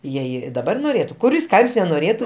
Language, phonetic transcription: Lithuanian, ˈjei ˈjie daˈbar noˈrėtu kuˈris ˈkaims nenoˈrėtu

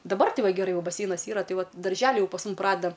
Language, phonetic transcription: Lithuanian, daˈbar ˈti ˈva geˈrai ˈjau baˈseinas ˈyra ˈtai ˈvat darˈželi ˈjau pas ˈmum ˈpradeda

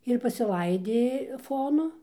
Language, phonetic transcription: Lithuanian, ir pasiˈlaidė ˈfonu

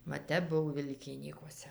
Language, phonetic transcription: Lithuanian, va ˈtep ˈbuv ˈvilkinykuose

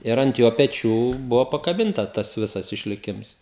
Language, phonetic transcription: Lithuanian, ir ant ˈjo peˈčių ˈbuvo pakaˈbinta ˈtas ˈvisas išliˈkims

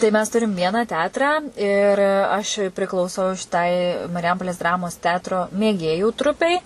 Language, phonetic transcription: Lithuanian, tai mes ˈturim ˈvieną ˈteatrą ir aš priklauˈsau šiˈtai mariˈjampolės ˈdramos ˈteatro mėˈgėjų ˈtrupei

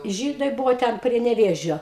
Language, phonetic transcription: Lithuanian, ˈžydai ˈbuvo ˈten prie neˈvėžio

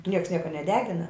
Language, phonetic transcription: Lithuanian, ˈnieks ˈnieka neˈdegina

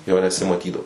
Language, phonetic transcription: Lithuanian, ˈjo nesimaˈtydau

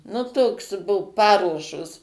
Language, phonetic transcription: Lithuanian, nu ˈtoks bu ˈparuošos

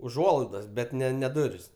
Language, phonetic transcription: Lithuanian, uˈžuolaidas bet ˈne ne ˈduris

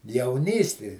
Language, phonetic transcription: Lithuanian, jauˈnysti

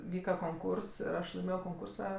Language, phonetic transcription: Lithuanian, ˈvyka konˈkūrs ir ˈaš laiˈmėjo konˈkūrsa

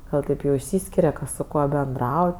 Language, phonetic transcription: Lithuanian, ˈgal taip ˈjau išˈsyskiria ˈkas su ˈkuo benˈdrauj

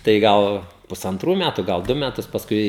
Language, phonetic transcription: Lithuanian, tai ˈgal pusanˈtrų ˈmætu ˈgal ˈdu meˈtus pasˈkui

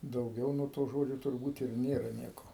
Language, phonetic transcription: Lithuanian, dauˈgiau nuo to ˈžodžio turˈbūt ir ˈnėra ˈnieko

